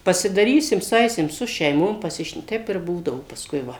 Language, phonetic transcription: Lithuanian, pasidaˈrysim suˈaisim su šeiˈmom paˈsišn ˈteip irˈ būdavo pasˈkui ˈva

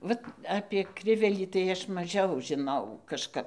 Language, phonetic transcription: Lithuanian, ˈvat apė ˈkrivelį tai ˈaš maˈžiau žiˈnau kažˈkap

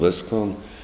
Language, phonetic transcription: Lithuanian, ˈviskon

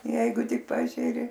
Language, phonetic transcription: Lithuanian, ˈjeigu ˈtik ˈpažeri

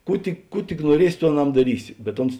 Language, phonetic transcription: Lithuanian, ˈkų tik ˈkų tik nuoˈriesi ˈtų aˈnam daˈrysi bet ˈuns

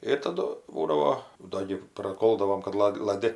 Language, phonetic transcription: Lithuanian, ir taˈdu ˈbūdavo ˈdo gi praˈkoldavom kad ˈlad' laˈdi

